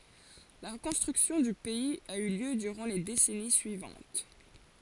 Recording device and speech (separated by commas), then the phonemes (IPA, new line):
forehead accelerometer, read sentence
la ʁəkɔ̃stʁyksjɔ̃ dy pɛiz a y ljø dyʁɑ̃ le desɛni syivɑ̃t